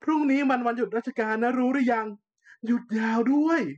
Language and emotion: Thai, happy